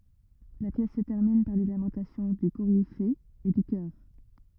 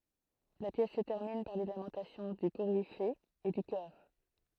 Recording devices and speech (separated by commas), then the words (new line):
rigid in-ear microphone, throat microphone, read sentence
La pièce se termine par les lamentations du Coryphée et du chœur.